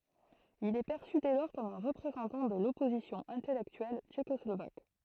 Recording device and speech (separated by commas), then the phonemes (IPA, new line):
throat microphone, read sentence
il ɛ pɛʁsy dɛ lɔʁ kɔm œ̃ ʁəpʁezɑ̃tɑ̃ də lɔpozisjɔ̃ ɛ̃tɛlɛktyɛl tʃekɔslovak